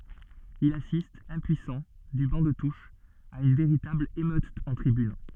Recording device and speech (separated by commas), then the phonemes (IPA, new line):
soft in-ear microphone, read sentence
il asist ɛ̃pyisɑ̃ dy bɑ̃ də tuʃ a yn veʁitabl emøt ɑ̃ tʁibyn